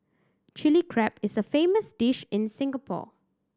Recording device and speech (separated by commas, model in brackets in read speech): standing microphone (AKG C214), read sentence